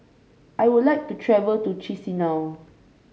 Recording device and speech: mobile phone (Samsung C5), read sentence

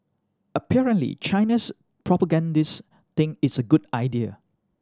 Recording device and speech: standing microphone (AKG C214), read sentence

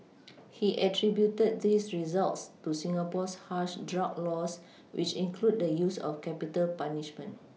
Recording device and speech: mobile phone (iPhone 6), read sentence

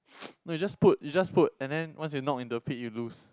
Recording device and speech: close-talking microphone, conversation in the same room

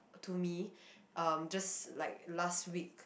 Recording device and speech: boundary microphone, conversation in the same room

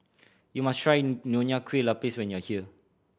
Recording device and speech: boundary microphone (BM630), read sentence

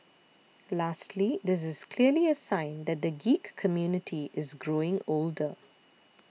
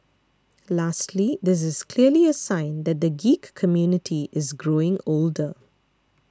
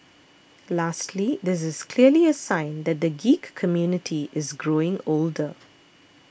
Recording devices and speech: mobile phone (iPhone 6), standing microphone (AKG C214), boundary microphone (BM630), read sentence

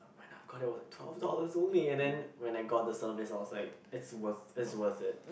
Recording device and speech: boundary microphone, conversation in the same room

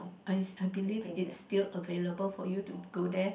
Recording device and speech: boundary microphone, conversation in the same room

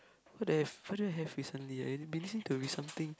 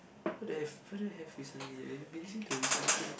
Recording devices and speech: close-talking microphone, boundary microphone, conversation in the same room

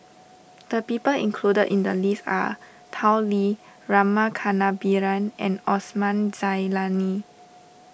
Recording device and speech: boundary microphone (BM630), read sentence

